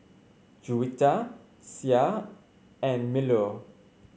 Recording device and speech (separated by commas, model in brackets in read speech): mobile phone (Samsung C5), read sentence